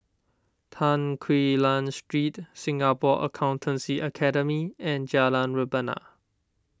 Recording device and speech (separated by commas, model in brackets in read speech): standing microphone (AKG C214), read sentence